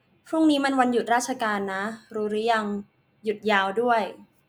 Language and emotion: Thai, neutral